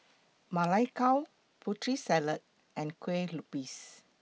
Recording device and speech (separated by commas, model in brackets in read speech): mobile phone (iPhone 6), read sentence